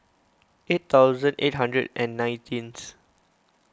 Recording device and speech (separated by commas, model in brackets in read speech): close-talking microphone (WH20), read sentence